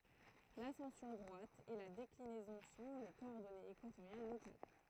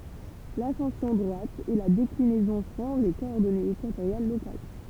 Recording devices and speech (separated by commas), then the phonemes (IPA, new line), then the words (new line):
throat microphone, temple vibration pickup, read sentence
lasɑ̃sjɔ̃ dʁwat e la deklinɛzɔ̃ sɔ̃ le kɔɔʁdɔnez ekwatoʁjal lokal
L'ascension droite et la déclinaison sont les coordonnées équatoriales locales.